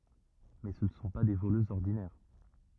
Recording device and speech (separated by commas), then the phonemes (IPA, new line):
rigid in-ear microphone, read sentence
mɛ sə nə sɔ̃ pa de voløzz ɔʁdinɛʁ